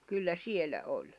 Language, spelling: Finnish, kyllä siellä oli
- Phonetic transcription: kyllä 'sielä 'oĺ .

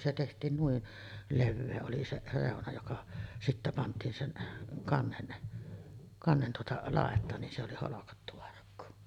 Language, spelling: Finnish, se tehtiin noin leveä oli se reuna joka sitten pantiin sen kannen kannen tuota laitaan niin se oli holkattu arkku
- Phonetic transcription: se teht̀iin 'nuin , "levvee oli se 'rèona joka , sittä pant̀iin sen , 'kannen , 'kannen tuota , 'làet̀aan nin se oli 'holokattu arkku .

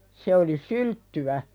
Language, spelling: Finnish, se oli sylttyä
- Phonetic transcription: 'se oli "sylttywä .

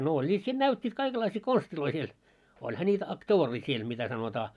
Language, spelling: Finnish, no olivat siinä näyttäneet kaikenlaisia konsteja siellä olihan niitä aktooria siellä mitä sanotaan
- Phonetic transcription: no "oĺĺiit siin "näyt́t́iit 'kaikellaisii 'konstiloi siel , 'olha ńiitä ak"toorii siel mitä sanotaa .

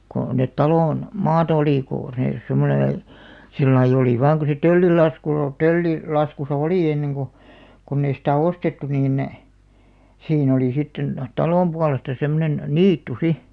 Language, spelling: Finnish, kun ne talon maata oli kun ne semmoinen sillä lailla oli vain kun se töllin laskulla - - töllilaskussa oli ennen kun kun ei sitä ostettu niin siinä oli sitten talon puolesta semmoinen niitty sitten
- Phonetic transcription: ko , net "talòn , "maatᵃ olì kò , 'nè , 'semmoneḛ , 'sillaiʲ ‿olì 'vaaŋ ko se "töllil 'laskul ‿o- , "tölli- , '-laskusa "olì 'enneŋ ɢo , konn ‿ei sitä̀ "ostettu 'niin , 'siin ‿olì sitten , "talòm pualesta 'semmonen , "niittu 'si .

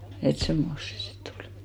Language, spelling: Finnish, että semmoista se sitten oli
- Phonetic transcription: et 'semmos se sit't ‿olɪ .

